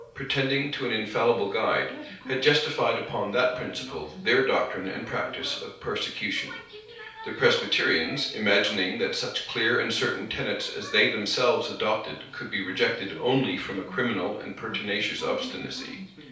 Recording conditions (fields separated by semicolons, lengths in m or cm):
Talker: one person; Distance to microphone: 3.0 m; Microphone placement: far; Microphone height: 1.8 m; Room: small (3.7 m by 2.7 m); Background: television